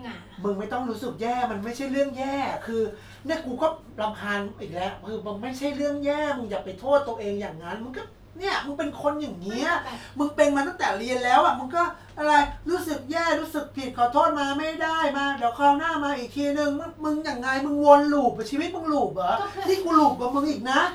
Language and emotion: Thai, frustrated